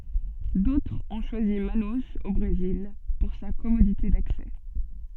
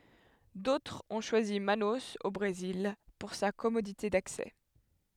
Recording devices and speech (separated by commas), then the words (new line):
soft in-ear microphone, headset microphone, read sentence
D’autres ont choisi Manaus, au Brésil, pour sa commodité d’accès.